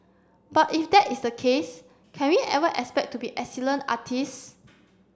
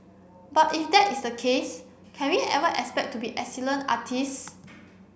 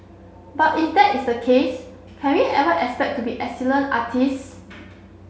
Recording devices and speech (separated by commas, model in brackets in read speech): standing microphone (AKG C214), boundary microphone (BM630), mobile phone (Samsung C7), read sentence